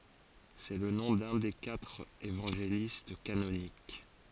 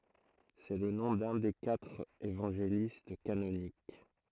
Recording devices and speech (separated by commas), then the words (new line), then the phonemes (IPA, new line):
forehead accelerometer, throat microphone, read sentence
C'est le nom d'un des quatre évangélistes canoniques.
sɛ lə nɔ̃ dœ̃ de katʁ evɑ̃ʒelist kanonik